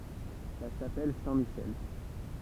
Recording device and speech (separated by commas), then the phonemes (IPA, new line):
temple vibration pickup, read sentence
la ʃapɛl sɛ̃tmiʃɛl